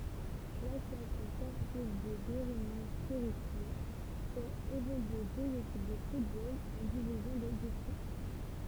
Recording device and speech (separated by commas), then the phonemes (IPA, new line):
temple vibration pickup, read sentence
lasosjasjɔ̃ spɔʁtiv də beʁiɲi seʁizi fɛt evolye døz ekip də futbol ɑ̃ divizjɔ̃ də distʁikt